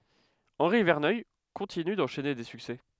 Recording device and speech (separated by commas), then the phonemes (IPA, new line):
headset microphone, read sentence
ɑ̃ʁi vɛʁnœj kɔ̃tiny dɑ̃ʃɛne de syksɛ